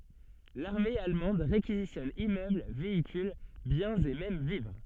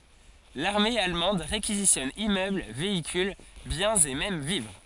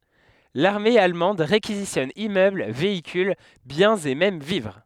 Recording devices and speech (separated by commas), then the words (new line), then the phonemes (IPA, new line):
soft in-ear microphone, forehead accelerometer, headset microphone, read sentence
L'armée allemande réquisitionne immeubles, véhicules, biens et même vivres.
laʁme almɑ̃d ʁekizisjɔn immøbl veikyl bjɛ̃z e mɛm vivʁ